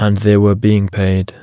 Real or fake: real